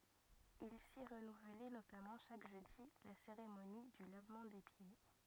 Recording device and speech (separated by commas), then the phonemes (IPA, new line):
rigid in-ear microphone, read sentence
il si ʁənuvlɛ notamɑ̃ ʃak ʒødi la seʁemoni dy lavmɑ̃ de pje